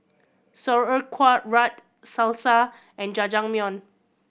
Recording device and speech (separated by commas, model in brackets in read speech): boundary microphone (BM630), read sentence